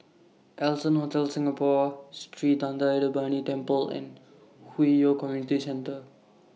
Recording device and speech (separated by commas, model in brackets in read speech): mobile phone (iPhone 6), read sentence